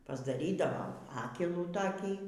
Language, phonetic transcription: Lithuanian, pasdaˈrydavom ˈfakelų toˈkį

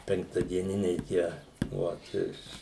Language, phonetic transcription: Lithuanian, penktadieˈniniai ˈtie vat ˈiš

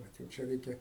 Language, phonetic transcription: Lithuanian, ˈvat jau ˈčia ˈreikia

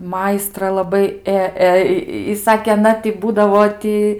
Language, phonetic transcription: Lithuanian, ˈmaistra laˈbai ˈė ˈė i ˈsakė aˈna tai ˈbūdavo ˈti

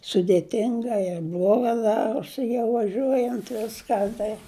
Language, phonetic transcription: Lithuanian, sudėˈtinga ir ˈbloga ˈdarosi jau vaˈžiuojant ˈviska tai

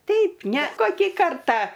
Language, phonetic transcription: Lithuanian, ˈteip ne ˈkokį ˈkartą

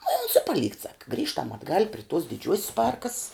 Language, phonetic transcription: Lithuanian, nu i ons i paˈlykt sak ˈgrįžtam atˈgal' pri tuos diˈdžiuos's ˈparkass

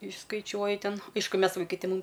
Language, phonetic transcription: Lithuanian, išskaiˈčiuoji ˈten ˈaišku ˈmes vaiˈkai ti ˈmūm

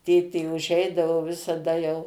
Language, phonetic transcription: Lithuanian, ˈtėtė uˈžeidavo visaˈda jau

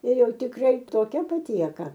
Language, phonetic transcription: Lithuanian, ir ˈjau tikˈrai toˈkia paˈtieka

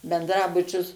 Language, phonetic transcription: Lithuanian, bendˈrabučius

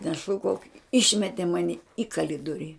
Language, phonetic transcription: Lithuanian, neˈšūkauk ˈišmete ˈmani į kaˈlidori

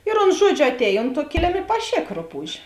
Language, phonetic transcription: Lithuanian, ir ons ˈžuodžiu atˈēj ˈont tuo ˈkilim i paˈšėk ˈruˌpūž'

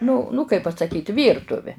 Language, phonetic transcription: Lithuanian, nu nu kaip pasaˈkyt ˈvyrtuve

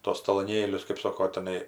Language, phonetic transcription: Lithuanian, ˈtuos taloˈnėlius kɜp ˈsoko tiˈnai

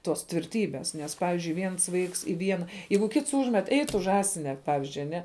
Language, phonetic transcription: Lithuanian, tos tvirˈtybės ˈnes ˈpavizdžiui ˈviens ˈvaiks i ˈviena ˈjeigu ˈkits ˈūžmet ei ˈtu ˈžąsine ˈpavizdžiui aˈne

